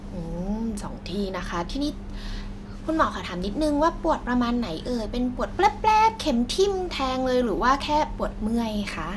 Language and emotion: Thai, happy